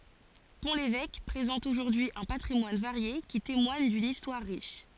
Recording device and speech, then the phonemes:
forehead accelerometer, read sentence
pɔ̃ levɛk pʁezɑ̃t oʒuʁdyi œ̃ patʁimwan vaʁje ki temwaɲ dyn istwaʁ ʁiʃ

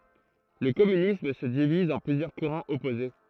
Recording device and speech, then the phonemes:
throat microphone, read sentence
lə kɔmynism sə diviz ɑ̃ plyzjœʁ kuʁɑ̃z ɔpoze

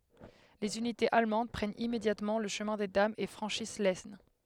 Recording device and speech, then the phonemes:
headset microphone, read sentence
lez ynitez almɑ̃d pʁɛnt immedjatmɑ̃ lə ʃəmɛ̃ de damz e fʁɑ̃ʃis lɛsn

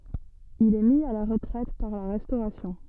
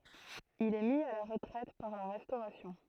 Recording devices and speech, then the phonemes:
soft in-ear microphone, throat microphone, read sentence
il ɛ mi a la ʁətʁɛt paʁ la ʁɛstoʁasjɔ̃

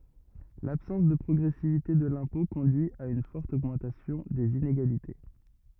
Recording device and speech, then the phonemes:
rigid in-ear microphone, read sentence
labsɑ̃s də pʁɔɡʁɛsivite də lɛ̃pɔ̃ kɔ̃dyi a yn fɔʁt oɡmɑ̃tasjɔ̃ dez ineɡalite

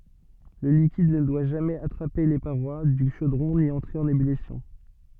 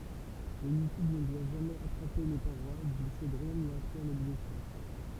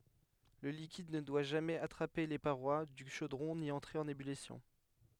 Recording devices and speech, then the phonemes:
soft in-ear microphone, temple vibration pickup, headset microphone, read sentence
lə likid nə dwa ʒamɛz atʁape le paʁwa dy ʃodʁɔ̃ ni ɑ̃tʁe ɑ̃n ebylisjɔ̃

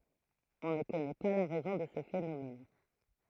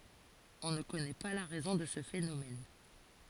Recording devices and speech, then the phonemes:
throat microphone, forehead accelerometer, read sentence
ɔ̃ nə kɔnɛ pa la ʁɛzɔ̃ də sə fenomɛn

